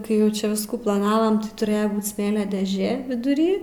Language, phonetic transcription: Lithuanian, kai ˈjau ˈčia ˈviskų plaˈnavam ti tuˈrėja ˈbūt ˈsmėlio dėˈžė viduˈry

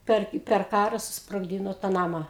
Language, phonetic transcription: Lithuanian, ˈper i per ˈkara susprogˈdyno tą ˈnama

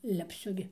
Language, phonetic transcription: Lithuanian, lepˈsiu gi

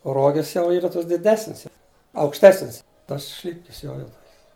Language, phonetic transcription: Lithuanian, o ˈrogis jau ˈyra ˈtos diˈdesnis jau aukšˈtesnis tas ˈšlipkis ˈjo jau ˈtokis

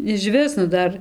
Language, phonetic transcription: Lithuanian, išˈvis nu ˈdar

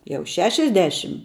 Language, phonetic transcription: Lithuanian, jau ˈšešiasˌdešim

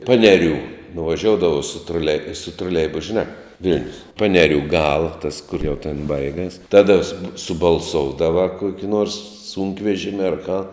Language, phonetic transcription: Lithuanian, ˈpaneˌrių nuvaˈžioudavau su troˈlei troˈleibus žiˈnā ˈvil'nius ˈpanerių ˈgala tas kur jau tėn ˈbaigas ˈtada sub subalˈsoudava ˈkuoki nuors ˈsūnkvežimi ar ką

